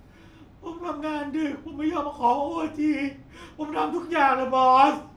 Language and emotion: Thai, sad